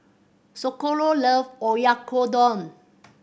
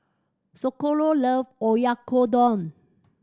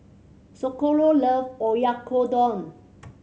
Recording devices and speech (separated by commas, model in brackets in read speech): boundary microphone (BM630), standing microphone (AKG C214), mobile phone (Samsung C7100), read sentence